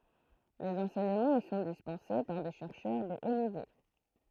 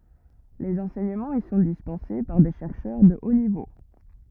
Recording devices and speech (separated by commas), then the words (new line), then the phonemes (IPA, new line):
throat microphone, rigid in-ear microphone, read sentence
Les enseignements y sont dispensés par des chercheurs de haut niveau.
lez ɑ̃sɛɲəmɑ̃z i sɔ̃ dispɑ̃se paʁ de ʃɛʁʃœʁ də o nivo